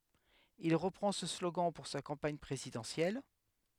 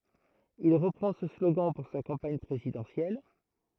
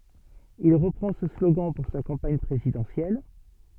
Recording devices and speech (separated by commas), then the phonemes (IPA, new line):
headset microphone, throat microphone, soft in-ear microphone, read sentence
il ʁəpʁɑ̃ sə sloɡɑ̃ puʁ sa kɑ̃paɲ pʁezidɑ̃sjɛl